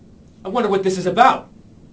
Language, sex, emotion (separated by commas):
English, male, angry